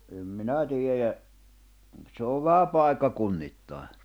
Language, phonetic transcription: Finnish, no , em 'minä tiejä , 'se ov vähä "pài̬kka-'kunnittàe .
- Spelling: no en minä tiedä se on vähän paikkakunnittain

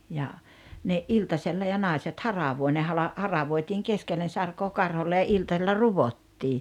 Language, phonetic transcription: Finnish, ja , ne '’iltasella ja 'nàiset "haravoi ne hala- , 'haravoitiiŋ "keskellen 'sarkoo "karholle ja 'iltasella "ruvottii .
- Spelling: ja ne iltasella ja naiset haravoi ne - haravoitiin keskelle sarkaa karholle ja iltasella ruottiin

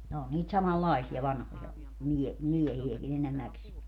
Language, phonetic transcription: Finnish, ne o niit 'samal"laisia "vanhoja , 'miɛ- , "miɛhi₍äki'n ‿enemäksie .
- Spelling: ne oli niitä samanlaisia vanhoja - miehiäkin enimmäkseen

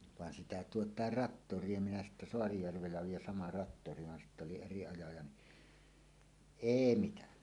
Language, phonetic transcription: Finnish, 'vàen sitä "tuot̀àer "rattor̀ie minä sittä 'Soarijärvellä oiij ja "sama 'rattori van 'sitt ‿oli eri ajaja ni , "èi 'mitänä .
- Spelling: vaan sitä tuota traktoria minä sitten Saarijärvellä olin ja sama traktori vaan sitten oli eri ajaja niin ei mitään

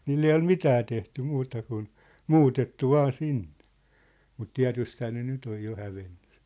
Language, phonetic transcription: Finnish, 'niill ‿ei ol "mitää tehty 'muuta kun , "muutettu "vaa 'sinnᴇ , mut "tiä̭tysthää ne 'nyt ‿oj jo 'hävenɴᴜ s(ɪ) .
- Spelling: niille ei ole mitään tehty muuta kuin muutettu vain sinne mutta tietystihän ne nyt on jo hävinnyt sitten

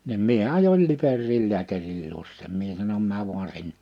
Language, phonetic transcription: Finnish, nim ’mie 'ajoil 'Liperriil 'liäkäril 'luos sem 'mie sanom » 'määv vuan 'sin- .
- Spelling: niin minä ajoin Liperiin lääkärin luo sen minä sanon mene vain -

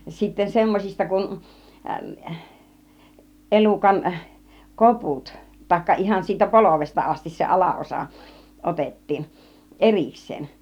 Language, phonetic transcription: Finnish, sitten̬ 'semmosista kun , 'ˀelukan , "koput tăĭkka 'ihan siitä "polovesta 'astis se "ala₍osa , 'otet̀tiin , "ˀeriks̆seen .
- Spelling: sitten semmoisista kun elukan koput tai ihan siitä polvesta asti se alaosa otettiin erikseen

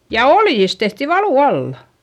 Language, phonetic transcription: Finnish, ja oljis tehti valù alla .
- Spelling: ja oljista tehtiin valu alla

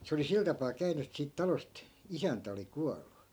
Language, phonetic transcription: Finnish, 'se oli 'sil tapaa 'käyny et siit 'talost , "isäntä oli 'kuallu .
- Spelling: se oli sillä tapaa käynyt että siitä talosta isäntä oli kuollut

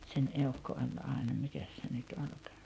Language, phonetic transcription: Finnish, sen 'eukko oĺ 'àena 'mikäs se nyt 'olkᴀᴀ .
- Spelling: sen eukko oli aina mikäs se nyt olikaan

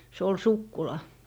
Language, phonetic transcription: Finnish, se ol "sukkula .
- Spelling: se oli sukkula

